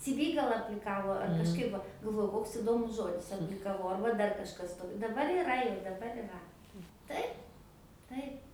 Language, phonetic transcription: Lithuanian, ci ˈvy ˈgal apliˈkavo ar kažˈkaip va galˈvoju ˈkoks iˈdomus ˈžodis aplikaˈvau ˈarba ˈdar kažˈkas to daˈbar iˈra jau daˈbar iˈra ˈtaip ˈtaip

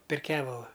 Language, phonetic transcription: Lithuanian, per ˈkevalu

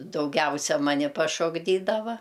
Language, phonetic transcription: Lithuanian, dauˈgiausia ˈmani pašokˈdydava

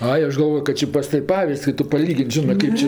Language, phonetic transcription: Lithuanian, ˈai ˈaš galˈvojo kad ˈči pas ˈtav' ˈpaviz'd's' i ˈtu paˈlygin't' ˈžinɜ ˈkaip či

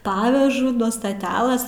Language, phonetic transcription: Lithuanian, ˈpavežu nuo staˈtialɘs'

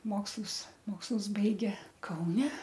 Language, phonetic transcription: Lithuanian, ˈmokslus ˈmokslus ˈbaigė kauˈne

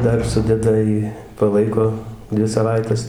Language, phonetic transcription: Lithuanian, ˈdar ˈsudeda ˈjį paˈlaiko ˈdvi saˈvaites

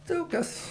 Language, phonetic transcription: Lithuanian, ˈdaug ˈkas

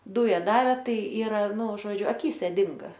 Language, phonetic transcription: Lithuanian, ˈdūja ˈdavė ˈtai ˈyra ˈnu ˈžodžiu aˈkyse ˈdinga

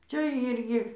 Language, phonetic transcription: Lithuanian, ˈčia ˈyrgi

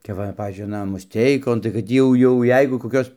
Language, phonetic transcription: Lithuanian, kap ˈva ˈpavyzdžiui aˈna musˈteikon tai kad ˈtį jau jau ˈjeigu koˈkios

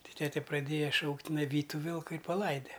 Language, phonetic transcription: Lithuanian, ˈti ˈtete praˈdėja ˈšaukt' tiˈnai ˈvyt' ˈtu ˈvilku i paˈlaide

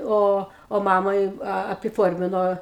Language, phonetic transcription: Lithuanian, ˈo o ˈmamai apiˈformino

